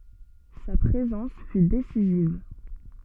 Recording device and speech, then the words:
soft in-ear microphone, read sentence
Sa présence fut décisive.

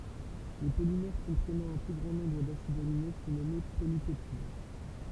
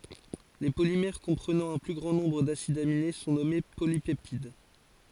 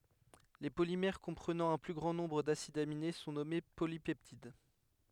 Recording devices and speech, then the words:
temple vibration pickup, forehead accelerometer, headset microphone, read sentence
Les polymères comprenant un plus grand nombre d’acides aminés sont nommés polypeptides.

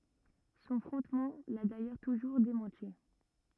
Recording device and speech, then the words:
rigid in-ear microphone, read sentence
Son frontman l'a d'ailleurs toujours démenti.

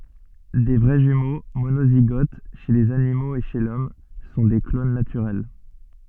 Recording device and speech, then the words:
soft in-ear microphone, read sentence
Des vrais jumeaux, monozygotes, chez les animaux et chez l'Homme sont des clones naturels.

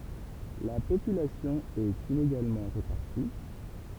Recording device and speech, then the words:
temple vibration pickup, read sentence
La population est inégalement répartie.

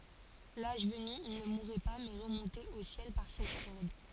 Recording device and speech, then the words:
forehead accelerometer, read sentence
L'âge venu, ils ne mouraient pas mais remontaient au ciel par cette corde.

